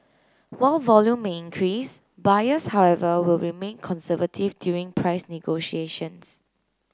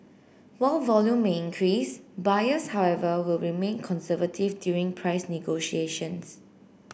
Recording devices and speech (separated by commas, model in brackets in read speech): close-talking microphone (WH30), boundary microphone (BM630), read sentence